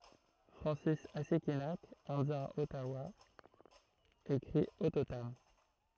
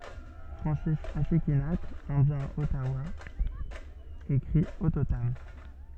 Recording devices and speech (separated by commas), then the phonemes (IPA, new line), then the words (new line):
throat microphone, soft in-ear microphone, read sentence
fʁɑ̃sis asikinak ɛ̃djɛ̃ ɔtawa ekʁi ɔtotam
Francis Assikinak, indien Ottawa écrit Ottotam.